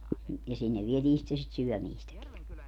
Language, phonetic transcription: Finnish, ja 'sinnev 'vietii sitte sit "syɔ̈̀miistäki .
- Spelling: ja sinne vietiin sitten sitä syömistäkin

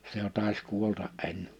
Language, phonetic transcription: Finnish, se jo tàes 'kuolta’ '’enne .
- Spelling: se jo taisi kuolla ennen

